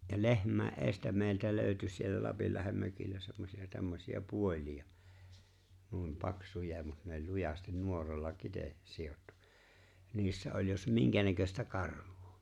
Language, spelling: Finnish, ja lehmien edestä meiltä löytyi siellä Lapinlahden mökillä semmoisia tämmöisiä puolia noin paksuja mutta ne oli lujasti nuoralla - sidottu niissä oli jos minkänäköistä karvaa
- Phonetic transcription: ja "lehm̀äe , "’eestä meⁱltä 'lö̀y̬̬ty siellä 'Lapillahem mökillä semmosi₍a tämmosi₍a 'puoĺi₍a , nuim 'paksuja mut ne oĺ 'lujastin 'nuoralla 'kite- , 'sijottu , 'niissä oĺ jos "miŋkänäköstä 'karv̀ᴏᴏ .

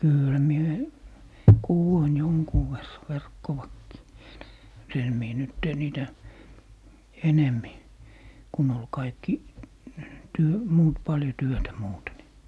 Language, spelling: Finnish, kyllähän minä - kudoin jonkun verran verkkoakin en en minä nyt tee niitä enemmin kun oli kaikki - muut paljon työtä muuten niin
- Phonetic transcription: "kỳlhä mie yhe- , 'kuwoin 'joŋkuu ver , "verkkovakkii , (en) , 'en mie "nyt tee 'niitä , "enemmi , 'kun ‿ol "kaikki , 'työ- , "muut 'paljo 'työtä 'muute ni .

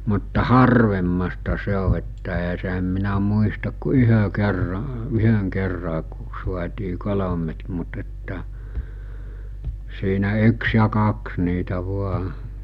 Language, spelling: Finnish, mutta harvemmasta se on että eihän se en minä muista kuin yhden kerran yhden kerran kun saatiin kolme mutta että siinä yksi ja kaksi niitä vain
- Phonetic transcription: mutta "harvemmasta 'se o että e(ɦ)ä se em minä muistak ku 'yhö 'kerra , 'yhöŋ kerra ku suatii 'kolomet mut että , siinä 'yks ja 'kaks niitä vua .

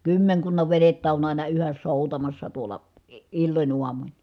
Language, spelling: Finnish, kymmenkunnan venettä on aina yhä soutamassa tuolla - illoin aamuin
- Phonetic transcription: kymmeŋkunnav venettä on àina yhäs sòutamassa tuola , i- , illoń uamuń .

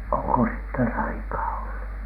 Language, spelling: Finnish, onko siitä taikaa ollut
- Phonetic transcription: oŋko siittä taikaa ollu .

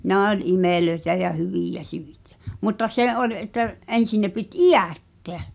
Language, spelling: Finnish, ne oli imeliä ja hyviä - mutta se oli että ensin ne piti idättää
- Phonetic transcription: 'nɛ ol "imèlöĕtä ja 'hyvìjä ('syitᴀ̈) , mutta 'se '’oĺ et̆tä , '’en̬sin ne pit "iʲä̀tteä .

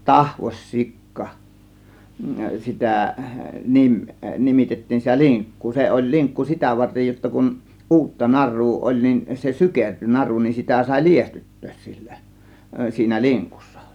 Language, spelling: Finnish, tahvos sikka sitä - nimitettiin sitä linkkua se oli linkku sitä varten jotta kun uutta narua oli niin se sykertyi naru niin sitä sai liestyttää sillä siinä linkussa
- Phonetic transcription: tahvos "sikka , 'sitä nim- , 'nimitettiin sitä "liŋk̀kuu , 'se oĺ 'liŋkku "sitä 'vartej jotta kun "ˀuutta "nar̆ruu oĺ nin , se "sykerty "naru nin , 'sitä sàė "liestyttöös sILLÄ , 'siinä "liŋkussA .

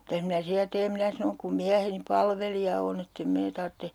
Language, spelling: Finnish, mitäs minä siellä teen minä sanoin kun mieheni palvelija on että en minä tarvitse
- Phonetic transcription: » 'mitäs minä 'siä teem » 'minä sanoŋ » kum 'miäheni "palvelija on ‿ett ‿em 'mee tartte » .

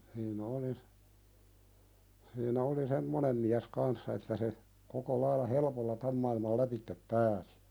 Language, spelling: Finnish, hän oli siinä oli semmoinen mies kanssa että se koko lailla helpolla tämän maailman lävitse pääsi
- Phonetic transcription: hii'n ‿oli , siinä oli "semmonem miäs 'kanssa että se , 'koko lailla "helᵉpolla "täm mailmal 'läpittep 'pääsɪ .

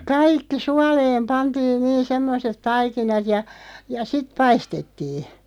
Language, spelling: Finnish, kaikki suoleen pantiin niin semmoiset taikinat ja ja sitten paistettiin
- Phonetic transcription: kaikki 'sualeem 'pantiin 'niin̬ 'semmoset "taikinat ja , ja "siᵗ 'paistettiiɴ .

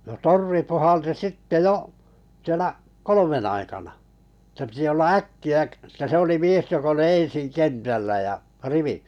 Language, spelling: Finnish, no torvi puhalsi sitten jo siellä kolmen aikana että piti olla äkkiä - että se oli mies joka oli ensin kentällä ja -
- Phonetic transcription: no 'torvi 'puhalti 'sitte "jo’ , 'sielä' , "kolomen aikana , ettᵃ̈ pⁱtⁱ olla "äkki₍ä k- , että 'se oli 'mies 'jok ‿oli 'ḛsiŋ "kentällä ja , 'rivi- .

